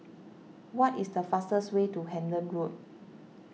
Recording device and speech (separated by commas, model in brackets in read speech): mobile phone (iPhone 6), read sentence